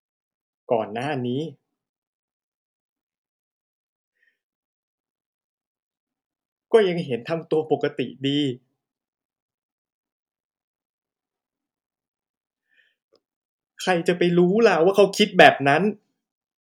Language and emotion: Thai, sad